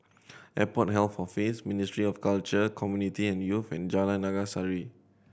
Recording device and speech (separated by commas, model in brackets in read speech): boundary microphone (BM630), read sentence